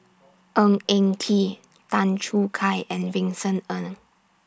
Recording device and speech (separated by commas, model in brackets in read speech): standing microphone (AKG C214), read sentence